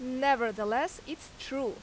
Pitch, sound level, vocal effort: 270 Hz, 89 dB SPL, very loud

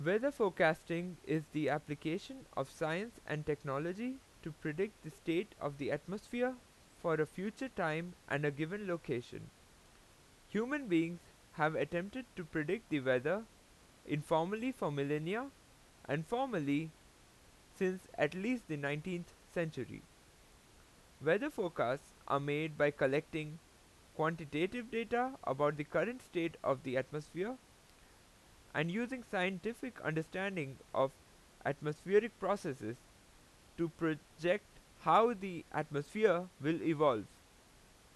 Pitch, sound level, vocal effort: 165 Hz, 89 dB SPL, loud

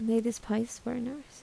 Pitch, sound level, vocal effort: 230 Hz, 73 dB SPL, soft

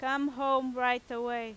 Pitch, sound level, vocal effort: 255 Hz, 95 dB SPL, very loud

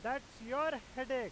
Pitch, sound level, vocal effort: 260 Hz, 100 dB SPL, very loud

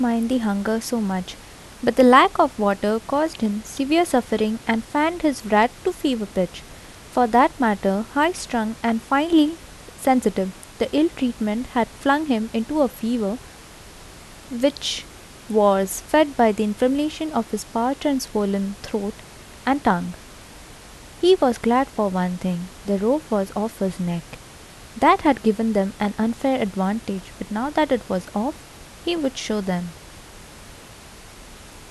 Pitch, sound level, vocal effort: 230 Hz, 76 dB SPL, soft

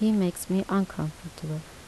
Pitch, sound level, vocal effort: 180 Hz, 77 dB SPL, soft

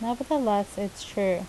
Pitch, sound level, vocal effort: 205 Hz, 80 dB SPL, normal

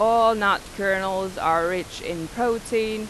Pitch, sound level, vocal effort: 200 Hz, 91 dB SPL, loud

